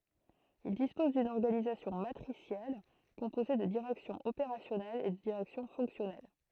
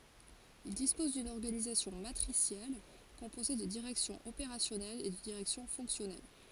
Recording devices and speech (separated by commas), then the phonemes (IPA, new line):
throat microphone, forehead accelerometer, read sentence
il dispɔz dyn ɔʁɡanizasjɔ̃ matʁisjɛl kɔ̃poze də diʁɛksjɔ̃z opeʁasjɔnɛlz e də diʁɛksjɔ̃ fɔ̃ksjɔnɛl